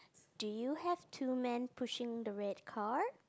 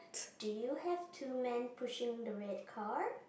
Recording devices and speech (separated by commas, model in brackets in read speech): close-talking microphone, boundary microphone, conversation in the same room